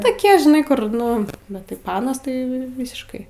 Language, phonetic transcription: Lithuanian, toˈkie žiˈnai ˈkur ˈnu bet tai ˈpanas tai ˈvysiškai

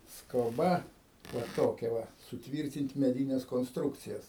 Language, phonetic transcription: Lithuanian, skoˈba va ˈtokia ˈva suˈtvyrtint' meˈdynes konsˈtrukcijas

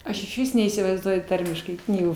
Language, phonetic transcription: Lithuanian, ˈaš išˈvis neįsivaizˈduoju ˈtarmiškai ˈknygų

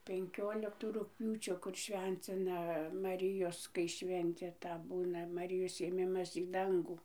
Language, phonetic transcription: Lithuanian, penˈkioliktų rugˈpjūčio ˈkur ˈšvencina maˈrijos kai ˈšventė ˈta ˈbūna maˈrijos ėˈmimas į ˈdangų

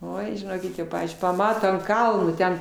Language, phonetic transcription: Lithuanian, ˈoi žiˈnokit jau ˈpavyzdžiui paˈmato ant ˈkalno ˈten

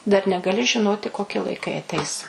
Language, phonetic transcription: Lithuanian, dar negaˈli žiˈnoti koˈki laiˈkai aˈteis

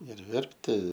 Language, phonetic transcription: Lithuanian, ir ˈverpti

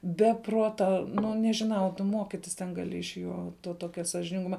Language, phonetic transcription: Lithuanian, be ˈpruota ˈnu nežiˈnau tu ˈmokitis ten gaˈli iš ˈjo to ˈtokia sažininˈguma

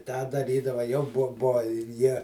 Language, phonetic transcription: Lithuanian, ˈtą daˈrydava jau ˈbuo ˈbuo ir ˈjie

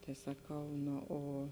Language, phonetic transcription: Lithuanian, tai saˈkau ˈno o

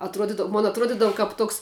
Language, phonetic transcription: Lithuanian, atˈruodidav mon atˈruodidav kap ˈtoks

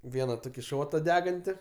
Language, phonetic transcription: Lithuanian, ˈviena ˈtoki ˈšota ˈdeganti

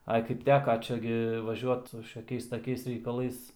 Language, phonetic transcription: Lithuanian, ˈai kaip ˈteka ˈčia gi vaˈžiuot šiaˈkiais taˈkiais reikaˈlais

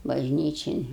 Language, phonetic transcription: Lithuanian, bažˈnyčin

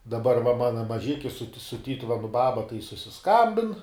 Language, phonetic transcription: Lithuanian, daˈbar va ˈmana maˈžiki su ti su ˈtytuvenu ˈbaba tai susiˈskambin

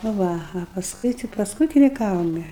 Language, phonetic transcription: Lithuanian, nu ˈva a pasˈkui ti ˈpask ukiniˈkavome

